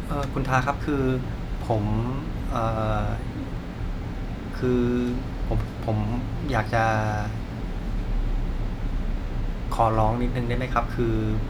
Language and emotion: Thai, frustrated